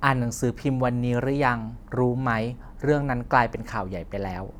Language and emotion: Thai, neutral